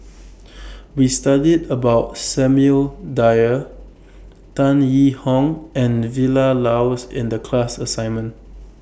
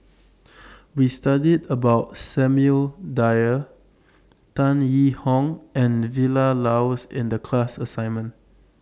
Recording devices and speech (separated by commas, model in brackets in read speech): boundary microphone (BM630), standing microphone (AKG C214), read sentence